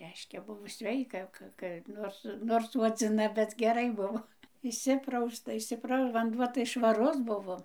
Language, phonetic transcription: Lithuanian, ˈreiškia ˈbuvo ˈsveika ˈka ka ˈnors nors suodziˈna bet geˈrai ˈbuvo išˈsiprausta išsiˈprau vanˈduo tai švaˈrus ˈbuvo

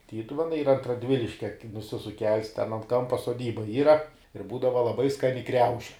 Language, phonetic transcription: Lithuanian, ˈtytuvenai ˈyra ant raˈdviliškia nuˈsisuk kels ten ant ˈkampa soˈdyba ˈyra ir ˈbūdava laˈbai ˈskani ˈkriauši

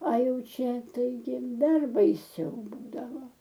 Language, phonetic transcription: Lithuanian, a ˈjau ˈčia taiˈgi ˈdar baiˈsiau ˈbūdavo

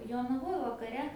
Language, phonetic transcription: Lithuanian, jonaˈvoj vakaˈre

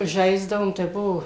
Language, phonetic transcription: Lithuanian, ˈžaisdavom tai ˈbuo

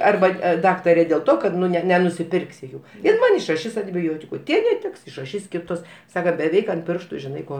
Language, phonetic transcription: Lithuanian, ˈarba ˈdaktarė dėl ˈto kad nu ˈne nenusiˈpirksi ˈjų ir ˈman išraˈšis antiˈbiotiku ˈtie neˈtiks išraˈšys ˈkitus ˈsaka beˈveik ant ˈpirštu žiˈnai ˈko

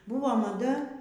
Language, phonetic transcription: Lithuanian, ˈbūvo maˈda

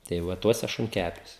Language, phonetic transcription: Lithuanian, tai ˈva ˈtuose šunˈkæpiuos

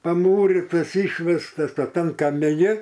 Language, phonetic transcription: Lithuanian, paˈmūritas ˈišvestas o ˈtam kamiˈni

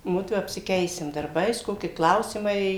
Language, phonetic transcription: Lithuanian, ˈmudvu apsiˈkeisim darˈbais ˈkoki ˈklausimai

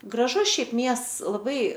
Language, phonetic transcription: Lithuanian, graˈžus ˈšiaip ˈmiests laˈbai

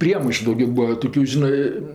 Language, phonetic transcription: Lithuanian, ˈpriemaišu dauˈgio ˈbūa ˈtokiu ˈžinɜ

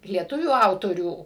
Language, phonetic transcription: Lithuanian, lieˈtuvių ˈautorių

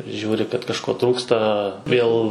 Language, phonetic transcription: Lithuanian, žiūri kad kažˈko ˈtrūksta ˈvėl

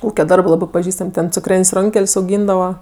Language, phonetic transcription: Lithuanian, ˈūke ˈdarbɜ ˈlabɜ paˈžįstam' ten cukˈrėn's' ˈronkel's' auˈgyndava

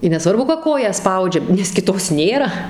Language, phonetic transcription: Lithuanian, i neˈsvarbu ka ˈkoją ˈspaudžia nes kiˈtos ˈnėra

